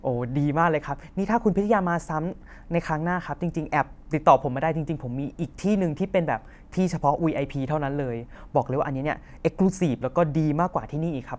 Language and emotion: Thai, happy